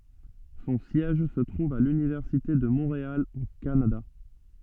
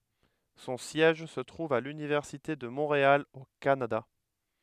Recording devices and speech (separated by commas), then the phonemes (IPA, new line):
soft in-ear microphone, headset microphone, read sentence
sɔ̃ sjɛʒ sə tʁuv a lynivɛʁsite də mɔ̃ʁeal o kanada